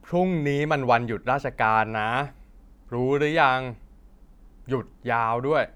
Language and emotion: Thai, frustrated